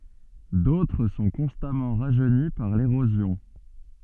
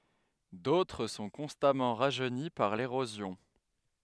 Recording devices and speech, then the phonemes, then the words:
soft in-ear microphone, headset microphone, read sentence
dotʁ sɔ̃ kɔ̃stamɑ̃ ʁaʒøni paʁ leʁozjɔ̃
D'autres sont constamment rajeunis par l'érosion.

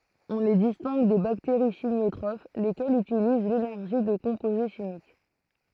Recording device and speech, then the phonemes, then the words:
throat microphone, read sentence
ɔ̃ le distɛ̃ɡ de bakteʁi ʃimjotʁof lekɛlz ytiliz lenɛʁʒi də kɔ̃poze ʃimik
On les distingue des bactéries chimiotrophes, lesquelles utilisent l'énergie de composés chimiques.

